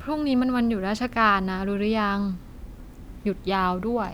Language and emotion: Thai, neutral